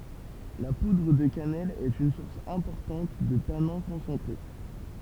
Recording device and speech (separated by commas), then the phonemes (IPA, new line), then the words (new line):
temple vibration pickup, read sentence
la pudʁ də kanɛl ɛt yn suʁs ɛ̃pɔʁtɑ̃t də tanɛ̃ kɔ̃sɑ̃tʁe
La poudre de cannelle est une source importante de tanins concentrés.